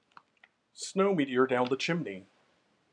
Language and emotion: English, neutral